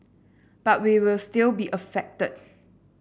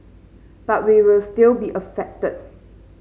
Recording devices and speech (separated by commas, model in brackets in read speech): boundary microphone (BM630), mobile phone (Samsung C5), read sentence